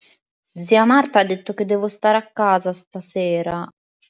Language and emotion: Italian, sad